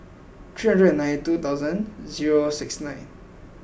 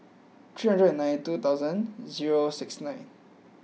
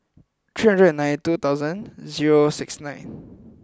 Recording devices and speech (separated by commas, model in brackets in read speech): boundary microphone (BM630), mobile phone (iPhone 6), close-talking microphone (WH20), read sentence